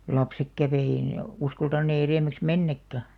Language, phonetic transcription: Finnish, (ja) 'lapsek 'kävè ei ne , 'uskaltan̆nee erèm̆§mäks "mennäkkä .
- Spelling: ja lapset kävi ei ne uskaltaneet edemmäksi mennäkään

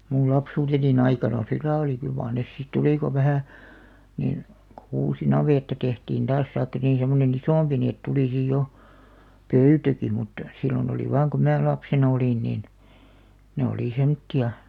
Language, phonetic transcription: Finnish, mul 'lapsuutenin ‿aikana '(sillail) oli kyl maar 'nes sit 'tulì ko 'vahä̀ , nin , kᵒ 'uusi "navètta 'tehtiin 'taas (taik)ka niin̬ semmone"n ‿isòmpi ni et 'tulì sij 'jo , "pöytäki mutta , 'silion ‿oli 'vaaŋ ku "mä 'lapsenᵃ 'olìn nin , 'ne olì 'semtti₍a .
- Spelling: minun lapsuuteni aikana sillä lailla oli kyllä mar ne sitten tuli kun vähän niin kun uusi navetta tehtiin taas tai niin semmoinen isompi niin että tuli sitten jo pöytäkin mutta silloin oli vain kun minä lapsena olin niin ne oli semmoisia

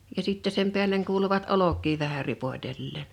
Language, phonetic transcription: Finnish, ja 'sìtte sem 'peäl̀eŋ 'kuuluvat "olok̆ki vähä 'ripoⁱtelleen .
- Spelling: ja sitten sen päälle kuuluivat olkia vähän ripotelleen

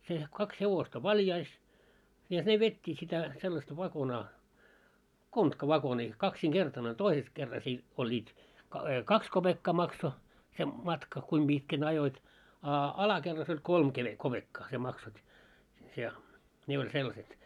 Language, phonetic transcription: Finnish, se , 'kaks 'hevosta "valjais , ja 'ne 'vet́t́iit sitä , sellasta 'vakonaa , "kontka'vakonii , 'kaksiŋ'ɢertan ‿oĺ 'toises kerras i- , oĺĺiit , ka- "kaks 'koʙekkaa 'makso , se 'matka , kuim 'ʙitkän ajoit , a 'alakerrass ‿oĺ "kolm keʙe- 'koʙekkaa śie 'maksot́ , ja , 'ne oĺ sellaset .
- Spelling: se kaksi hevosta valjaissa ja ne vetivät sitä sellaista vakonaa kontkavakonia kaksinkertainen oli toisessa kerrassa - olivat - kaksi kopeekkaa maksoi se matka kuinka pitkän ajoit a alakerrassa oli kolme - kopeekkaa sinä maksoit ja ne oli sellaiset

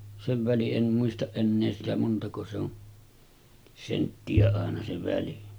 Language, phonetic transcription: Finnish, sev väli’ '’en muistaˀ 'ˀennee sitä 'montako se'on , 'sentti₍ä àena se 'väli .
- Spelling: sen välin en muista enää sitä montako se on senttiä aina se väli

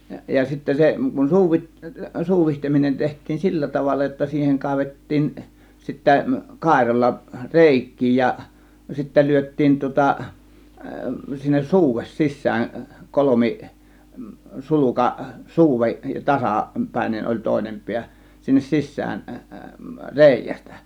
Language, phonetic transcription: Finnish, ja sittä 'se kun "suuvit- , "suuvihteminen 'teht̆tiin "sillä 'tavalla jotta siiheŋ 'kàėvet̀tiin , 'sittä , 'kàėralla "rèik̆kii ja , sittä 'lyöt̆tiin tŭŏta , sinnes "suuves 'sis̆sään , "kolomi , "suluka "suuve , "tasa- , "-pä̀ėnen oĺ "tòėnem 'piä , sinnes "sis̆sään , "rèijästÄ .
- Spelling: ja sitten se kun - suuditseminen tehtiin sillä tavalla jotta siihen kaivettiin sitten kairalla reikiä ja sitten lyötiin tuota sinne suude sisään - kolmisulka suude - tasapäinen oli toinen pää sinne sisään reiästä

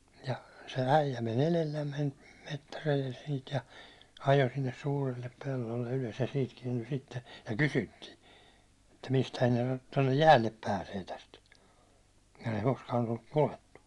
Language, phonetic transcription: Finnish, ja , se 'äijä men "elellämmen , 'mettärejel siit ja , 'ajo sinnes "sûrille 'pellolle ylös ja siit 'kiɛnty sitte , ja "kysyttii , että » 'mistähän tonne "jäällep 'pääsee täst ? « kun ei koskaan olluk 'ko₍ettu .
- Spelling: ja se äijä meni edellämme metsäreellä siitä ja ajoi sinne suurille pellolle ylös ja siitä kääntyi sitten ja kysyttiin että mistähän tuonne jäälle pääsee tästä kun ei koskaan ollut koettu

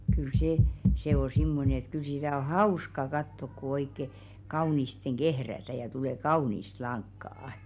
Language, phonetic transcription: Finnish, kyl 'sè , se o 'simmone ‿ĕt kyl sitä o "hauska 'kattok ku oikke , 'kaunisteŋ "ɢehrätä ja 'tule "kaunist 'laŋkkà₍ᵃ .
- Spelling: kyllä se se on semmoinen että kyllä sitä on hauska katsoa kun oikein kauniisti kehrätään ja tulee kaunista lankaa

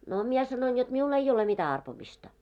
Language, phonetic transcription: Finnish, no 'mie sanoin jot 'miul 'ei ole 'mitä arpomista .
- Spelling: no minä sanoin jotta minulla ei ole mitä arpomista

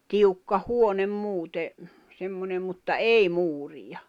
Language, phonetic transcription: Finnish, 'tiukka 'huonem 'muute , 'semmonem mutta "ei 'muuriʲa .
- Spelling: tiukka huone muuten semmoinen mutta ei muuria

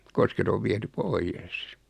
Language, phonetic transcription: Finnish, 'kosket ov 'viɛty "poijes .
- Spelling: kosket on viety pois

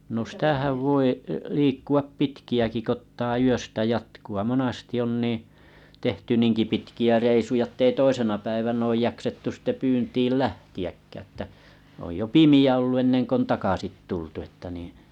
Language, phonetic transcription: Finnish, no 'sĭitähäv voi , 'liikku₍ap 'pitki₍äki 'k ‿ottaa 'yöstä 'jatku₍a 'monasti on nii , tehty 'niiŋki pitki₍ä 'reisuja ettei 'toisena päivän ‿oj 'jaksettu sitte 'pyyntiil "lähti₍äkkää ‿ttä oj jo "pimi₍ä ollu 'ennen 'k ‿on 'takasit 'tultu että niḭ .
- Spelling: no siitähän voi liikkua pitkiäkin kun ottaa yöstä jatkoa monasti on niin tehty niinkin pitkiä reissuja että ei toisena päivänä ole jaksettu sitten pyyntiin lähteäkään että on jo pimeä ollut ennen kuin on takaisin tultu että niin

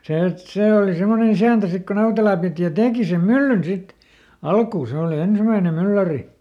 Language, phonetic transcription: Finnish, ja , ˈse , et "sè oli ˈsemmoneˈn ‿isä̀ntä ˈsik ko ˈNautelà pìti ja ˈteeki sem "myllyn ˈsit , "alkuu ˈse òli ˈensimäinem "mylläri .
- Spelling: ja se että se oli semmoinen isäntä sitten kun Nautela piti ja teki sen myllyn sitten alkuun se oli ensimmäinen mylläri

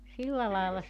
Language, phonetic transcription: Finnish, 'silla laela (se) ,.
- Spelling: silla lailla se

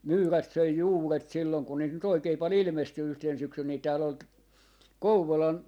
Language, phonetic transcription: Finnish, "myyrät 'söi "juuret 'sillon kun niit nyt 'oikei pal "ilmesty 'yhtèn 'syksyn nì tääl ‿ol t- , "Kouvolan , .
- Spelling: myyrät söi juuret silloin kun niitä nyt oikein paljon ilmestyi yhtenä syksynä niin täällä oli - Kouvolan

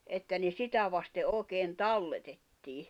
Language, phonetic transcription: Finnish, että ne 'sitä vaste 'òi̬keen "talletettii .
- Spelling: että ne sitä vasten oikein talletettiin

